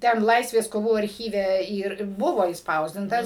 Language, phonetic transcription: Lithuanian, ˈten ˈlaisvės koˈvų arˈchyve ˈyr ˈbuvo išˈspausdintas

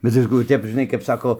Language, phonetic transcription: Lithuanian, bet ˈviskų ˈtep žiˈnai kap ˈsako

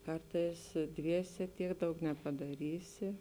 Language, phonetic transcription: Lithuanian, ˈkartais ˈdviese ˈtiek ˈdaug nepadaˈrysi

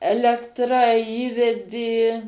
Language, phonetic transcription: Lithuanian, ˈelektra ˈįvedė

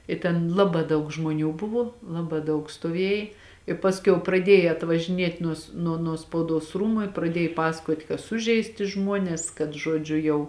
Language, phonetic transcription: Lithuanian, i ten ˈlabā ˈdaug žmoˈnių ˈbuvo ˈlabā ˈdaug stuoˈviej i ˈpasˌkiau praˈdieja atvažiˈniet' ˈnuos nuo nuo spauˈduos ˈrūmu i praˈdiej ˈpasakuot' ka ˈsužeisti ˈžmuones kad ˈžuodžiu jau

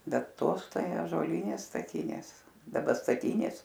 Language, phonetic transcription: Lithuanian, ˈbet ˈtos ˈtai ąžuoˈlynės staˈtinės daˈba staˈtynės

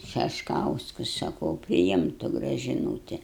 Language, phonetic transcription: Lithuanian, šešˈkauskus saˈkau priˈimtu gražiˈnūti

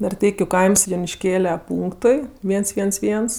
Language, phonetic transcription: Lithuanian, narˈteikiu kaims junišˈkėle ˈpūnktui ˈviens ˈviens ˈviens

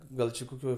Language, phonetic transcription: Lithuanian, ˈgal či koˈkioj

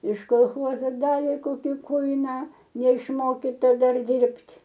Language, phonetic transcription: Lithuanian, iš kolˈchozo ˈdavė ˈkoki ˈkuiną neišˈmokita ˈdar ˈdirbt'

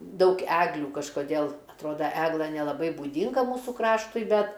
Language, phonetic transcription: Lithuanian, ˈdaug ˈeglių kažkoˈdėl atˈroda ˈeglɘ nelaˈbai būˈdinga ˈmūsų ˈkraštui ˈbet

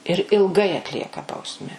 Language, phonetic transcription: Lithuanian, ir ilˈgai atˈlieka ˈbausme

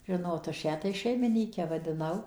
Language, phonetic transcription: Lithuanian, ˈžinot aš ˈją tai ˌšeimiˈnyke vadiˈnau

